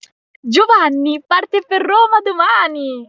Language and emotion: Italian, happy